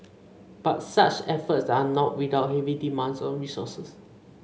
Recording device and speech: mobile phone (Samsung C5), read sentence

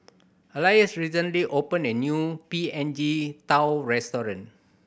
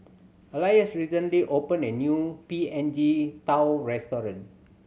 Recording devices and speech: boundary microphone (BM630), mobile phone (Samsung C7100), read sentence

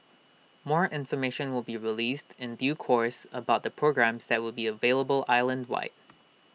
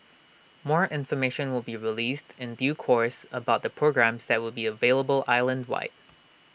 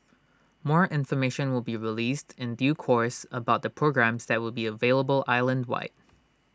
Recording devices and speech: mobile phone (iPhone 6), boundary microphone (BM630), standing microphone (AKG C214), read sentence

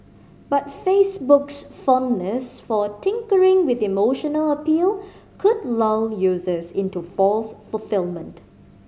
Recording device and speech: mobile phone (Samsung C5010), read sentence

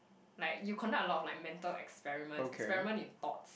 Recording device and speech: boundary microphone, conversation in the same room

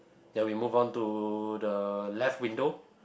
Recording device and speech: boundary microphone, conversation in the same room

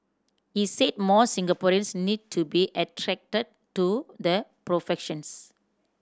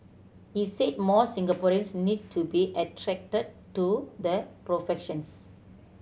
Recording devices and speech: standing microphone (AKG C214), mobile phone (Samsung C7100), read sentence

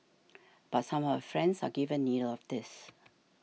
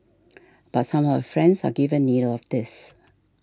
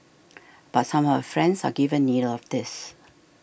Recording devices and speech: mobile phone (iPhone 6), standing microphone (AKG C214), boundary microphone (BM630), read sentence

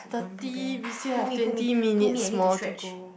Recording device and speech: boundary microphone, conversation in the same room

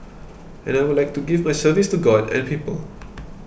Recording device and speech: boundary microphone (BM630), read sentence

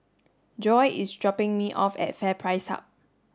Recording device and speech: standing microphone (AKG C214), read sentence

